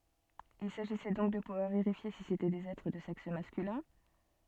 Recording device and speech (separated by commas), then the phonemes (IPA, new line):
soft in-ear microphone, read sentence
il saʒisɛ dɔ̃k də puvwaʁ veʁifje si setɛ dez ɛtʁ də sɛks maskylɛ̃